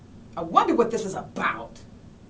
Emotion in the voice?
disgusted